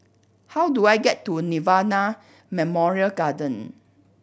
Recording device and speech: boundary microphone (BM630), read sentence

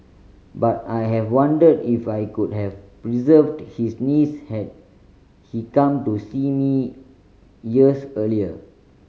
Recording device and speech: mobile phone (Samsung C5010), read sentence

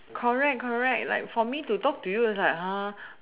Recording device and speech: telephone, conversation in separate rooms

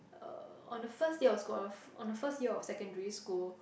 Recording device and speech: boundary microphone, conversation in the same room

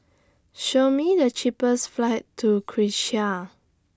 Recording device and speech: standing microphone (AKG C214), read sentence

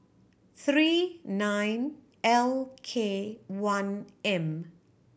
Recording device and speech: boundary microphone (BM630), read sentence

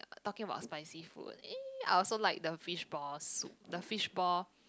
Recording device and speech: close-talking microphone, conversation in the same room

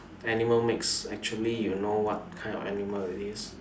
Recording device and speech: standing microphone, conversation in separate rooms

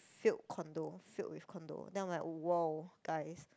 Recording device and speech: close-talking microphone, conversation in the same room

